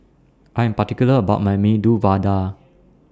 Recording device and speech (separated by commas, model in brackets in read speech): standing microphone (AKG C214), read sentence